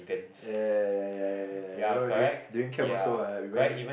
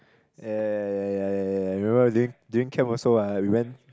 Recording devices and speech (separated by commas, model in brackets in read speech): boundary microphone, close-talking microphone, conversation in the same room